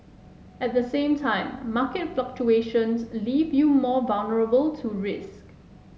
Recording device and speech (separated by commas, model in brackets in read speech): mobile phone (Samsung S8), read sentence